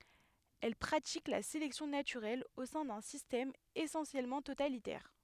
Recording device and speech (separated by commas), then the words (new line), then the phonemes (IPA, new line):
headset microphone, read sentence
Elles pratiquent la sélection naturelle au sein d'un système essentiellement totalitaire.
ɛl pʁatik la selɛksjɔ̃ natyʁɛl o sɛ̃ dœ̃ sistɛm esɑ̃sjɛlmɑ̃ totalitɛʁ